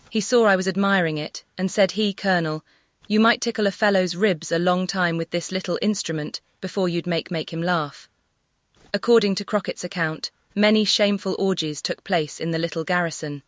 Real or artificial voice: artificial